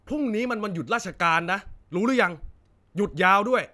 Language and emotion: Thai, angry